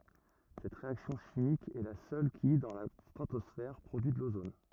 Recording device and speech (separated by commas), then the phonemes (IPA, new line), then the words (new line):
rigid in-ear microphone, read sentence
sɛt ʁeaksjɔ̃ ʃimik ɛ la sœl ki dɑ̃ la stʁatɔsfɛʁ pʁodyi də lozon
Cette réaction chimique est la seule qui, dans la stratosphère, produit de l'ozone.